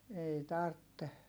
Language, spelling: Finnish, ei tarvitse
- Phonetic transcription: ei tartte .

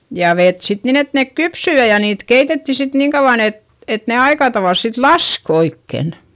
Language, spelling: Finnish, ja vettä sitten niin että ne kypsyi ja ja niitä keitettiin sitten niin kauan että että ne aika tavalla sitten laski oikein
- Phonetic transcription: ja vet sit nin ‿et nek kypsy ja ja niit keitetti sit niiŋ kauᵛan ‿et , et ne aikatavàls sit lask oikken .

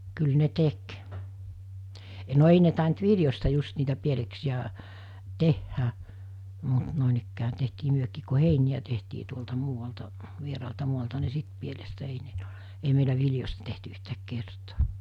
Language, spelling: Finnish, kyllä ne teki no ei ne tainnut viljoista just niitä pieleksiä tehdä mutta noinikään tehtiin mekin kun heiniä tehtiin tuolta muualta vieraalta maalta niin sitten pielestä ei meillä viljoista tehty yhtään kertaa
- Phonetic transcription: kyl ne 'tek , no 'ei ne tàint 'viljosta 'just niitä 'pieleksi₍ä , 'tehhä , mut nòenikkää tehtii 'myökiik ku 'heiniʲä tehtii tuolta 'muuvalta , 'vieraalta 'mualta ni 'sit pielestä ei meilä 'viljos̜ta tehty yhtääk 'kertoo .

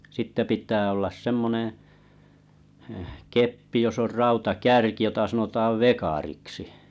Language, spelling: Finnish, sitten pitää olla semmoinen - keppi jossa on rautakärki jota sanotaan vekariksi
- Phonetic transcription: sitte pit̀ää ollas 'semmoneḛ , ᵊh 'keppi jos ‿or 'rauta'kärki jota sanotaav "vekariksi .

